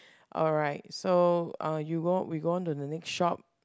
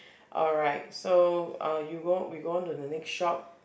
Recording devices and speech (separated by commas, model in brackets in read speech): close-talking microphone, boundary microphone, conversation in the same room